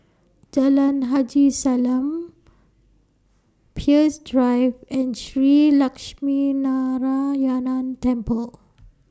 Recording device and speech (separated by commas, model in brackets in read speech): standing microphone (AKG C214), read sentence